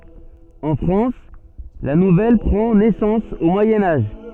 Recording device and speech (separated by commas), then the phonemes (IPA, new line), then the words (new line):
soft in-ear microphone, read sentence
ɑ̃ fʁɑ̃s la nuvɛl pʁɑ̃ nɛsɑ̃s o mwajɛ̃ aʒ
En France, la nouvelle prend naissance au Moyen Âge.